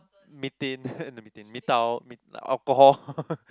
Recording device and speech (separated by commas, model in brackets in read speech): close-talking microphone, conversation in the same room